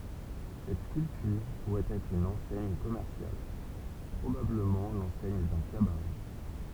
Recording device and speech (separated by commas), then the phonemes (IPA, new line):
temple vibration pickup, read sentence
sɛt skyltyʁ puʁɛt ɛtʁ yn ɑ̃sɛɲ kɔmɛʁsjal pʁobabləmɑ̃ lɑ̃sɛɲ dœ̃ kabaʁɛ